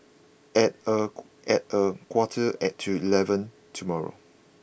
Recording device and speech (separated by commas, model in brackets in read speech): boundary microphone (BM630), read sentence